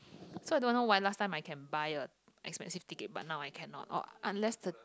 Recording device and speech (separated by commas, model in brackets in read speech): close-talking microphone, conversation in the same room